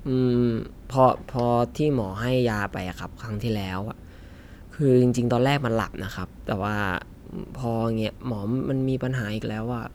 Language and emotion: Thai, frustrated